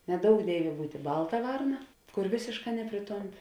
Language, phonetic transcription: Lithuanian, neˈdouk ˈdėivė ˈbūtė ˈbalta ˈvarna ˈkur ˈvėsėšˌkā ˈnepriˌtomˌpi

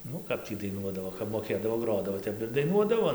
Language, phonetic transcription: Lithuanian, ˈnu ˈkap tį daiˈnuodavo kap moˈkėdavo ˈgrodavo ˈtep ir daiˈnuodavo

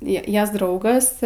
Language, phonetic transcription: Lithuanian, ˈjie ˈjas ˈdraugas

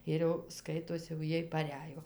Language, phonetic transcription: Lithuanian, ˈir jau ˈskaitosi jau ˈjiej paˈrejo

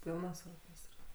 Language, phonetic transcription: Lithuanian, ˈpylnas orˈkėstras

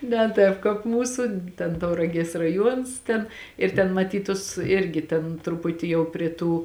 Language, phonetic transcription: Lithuanian, ne ˈtāp kāp ˈmūsu ten tauraˈgies raˈjuons ˈten ir ten maˈtyt ˈtus ˈirgi ˈtėn truˈputi jau prie ˈtų

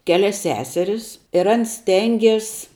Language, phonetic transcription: Lithuanian, ˈkelias ˈseseris ir ˈans ˈstengės

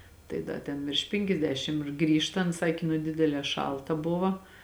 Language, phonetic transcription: Lithuanian, ˈtai ˈda ten virš ˈpinkiasdešim ir ˈgrįžtant ˈsakė nu ˈdidelē ˈšalta ˈbuva

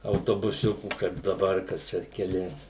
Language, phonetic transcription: Lithuanian, autobuˈsiukų kaip daˈbar ka ˈčia keˈli

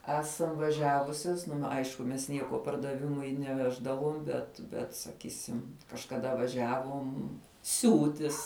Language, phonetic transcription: Lithuanian, ˈesam vaˈžiavusias ˈnu ˈaišku mes ˈnieko pardaˈvimui neˈveždavom bet ˈbet saˈkysim kažkaˈda vaˈžiavom ˈsiūtis

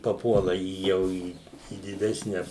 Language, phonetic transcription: Lithuanian, paˈpuola į ˈjau į į diˈdesne

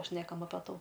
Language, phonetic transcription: Lithuanian, ˈšnekam ape ˈtų

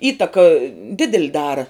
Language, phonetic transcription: Lithuanian, ˈįtaka ˈdidel' ˈdara

